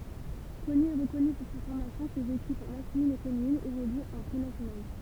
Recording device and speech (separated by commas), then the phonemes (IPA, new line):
temple vibration pickup, read sentence
kɔny e ʁəkɔny puʁ sa fɔʁmasjɔ̃ sez ekip maskylin e feminin evolyt ɑ̃ pʁenasjonal